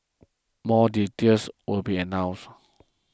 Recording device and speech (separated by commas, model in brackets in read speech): close-talking microphone (WH20), read sentence